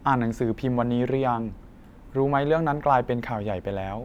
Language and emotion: Thai, neutral